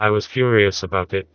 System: TTS, vocoder